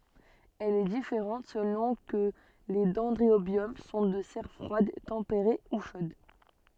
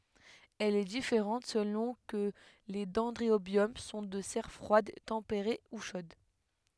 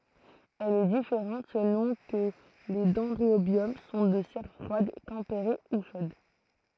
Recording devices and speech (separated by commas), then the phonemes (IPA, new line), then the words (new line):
soft in-ear microphone, headset microphone, throat microphone, read sentence
ɛl ɛ difeʁɑ̃t səlɔ̃ kə le dɛ̃dʁobjɔm sɔ̃ də sɛʁ fʁwad tɑ̃peʁe u ʃod
Elle est différente selon que les dendrobium sont de serre froide, tempérée ou chaude.